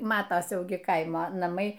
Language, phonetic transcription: Lithuanian, ˈmatas ˈjau gi ˈkaimo naˈmai

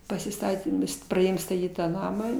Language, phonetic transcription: Lithuanian, pasiˈstatėm praˈdėjom staˈtyt tą ˈnamą

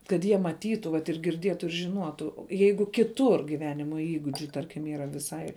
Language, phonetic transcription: Lithuanian, kad ˈjie maˈtytu vat ir girˈdietu ir žiˈnuotu ˈ jeigu kiˈtur giˈvenimo ˈįgudžiu ˈtarkim yˈra viˈsai

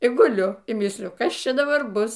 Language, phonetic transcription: Lithuanian, i guˈliu y ˈmysliju ˈkas ˈčia daˈbar ˈbus

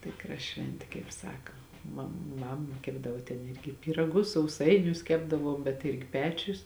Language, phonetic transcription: Lithuanian, ˈtikra ˈšventė kaip ˈsaka ma ˈmam ˈkepdavo ten ˈirgi pyraˈgus sauˈsainius ˈkepdavuom bet ˈirgi ˈpečius

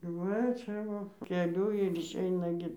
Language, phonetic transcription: Lithuanian, ˈva ˈčia vo keˈliu ir išˈeina gi

